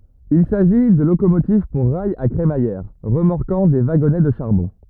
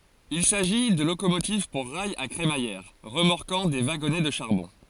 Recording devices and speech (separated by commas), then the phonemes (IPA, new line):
rigid in-ear microphone, forehead accelerometer, read sentence
il saʒi də lokomotiv puʁ ʁajz a kʁemajɛʁ ʁəmɔʁkɑ̃ de vaɡɔnɛ də ʃaʁbɔ̃